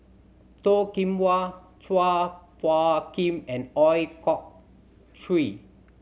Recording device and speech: mobile phone (Samsung C7100), read sentence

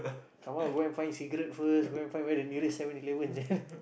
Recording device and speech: boundary microphone, conversation in the same room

